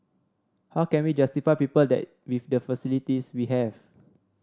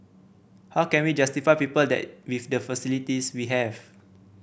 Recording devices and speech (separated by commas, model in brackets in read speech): standing microphone (AKG C214), boundary microphone (BM630), read sentence